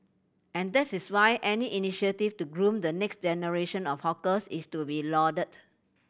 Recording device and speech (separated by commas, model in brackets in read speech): boundary microphone (BM630), read sentence